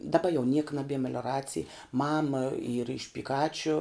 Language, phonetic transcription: Lithuanian, daˈba jau niek naˈbie melioˈracij ˈmama ˈyra iš piˈkāčiu

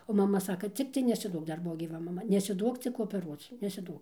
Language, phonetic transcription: Lithuanian, o maˈma ˈsaka ˈciktai nesiˈduok ˈdar ˈbuvo gyˈva maˈma nesiˈduok cik opeˈruoc nesiˈduok

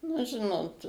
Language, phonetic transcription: Lithuanian, nu ˈžinot

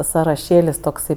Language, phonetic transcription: Lithuanian, saraˈšėlis tokˈsai

